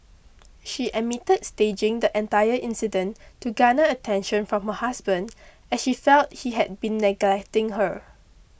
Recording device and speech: boundary microphone (BM630), read sentence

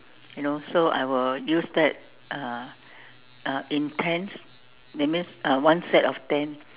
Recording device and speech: telephone, conversation in separate rooms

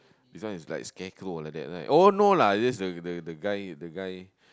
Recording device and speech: close-talking microphone, conversation in the same room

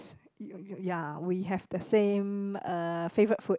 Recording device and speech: close-talking microphone, conversation in the same room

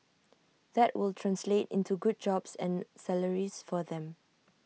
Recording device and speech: mobile phone (iPhone 6), read sentence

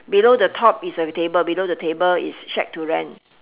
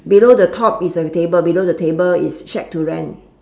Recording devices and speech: telephone, standing microphone, conversation in separate rooms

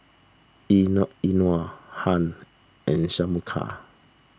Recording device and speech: standing microphone (AKG C214), read sentence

